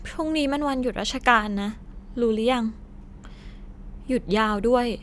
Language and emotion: Thai, frustrated